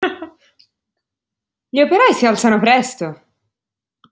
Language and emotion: Italian, surprised